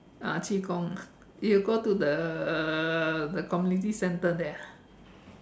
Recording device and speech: standing microphone, conversation in separate rooms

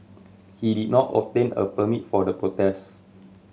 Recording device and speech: mobile phone (Samsung C7100), read sentence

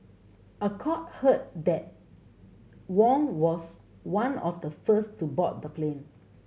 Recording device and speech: mobile phone (Samsung C7100), read sentence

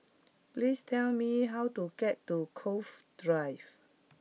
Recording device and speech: mobile phone (iPhone 6), read sentence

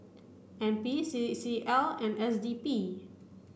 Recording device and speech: boundary microphone (BM630), read sentence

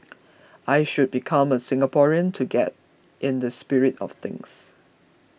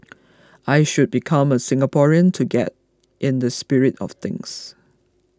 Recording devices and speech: boundary microphone (BM630), close-talking microphone (WH20), read sentence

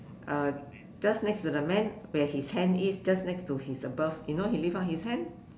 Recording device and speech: standing microphone, conversation in separate rooms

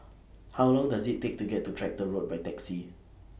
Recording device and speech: boundary microphone (BM630), read sentence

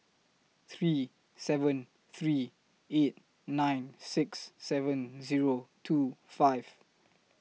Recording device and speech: mobile phone (iPhone 6), read sentence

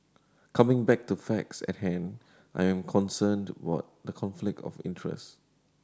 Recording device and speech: standing microphone (AKG C214), read sentence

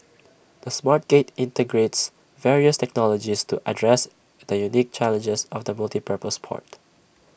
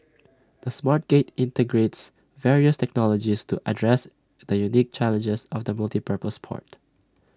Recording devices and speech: boundary microphone (BM630), standing microphone (AKG C214), read sentence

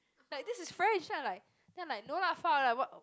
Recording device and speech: close-talking microphone, conversation in the same room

